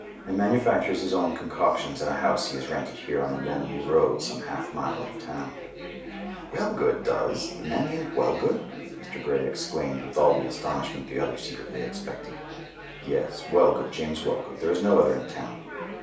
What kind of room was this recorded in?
A small space (about 3.7 m by 2.7 m).